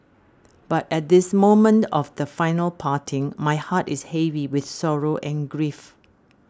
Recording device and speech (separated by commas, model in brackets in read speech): standing microphone (AKG C214), read sentence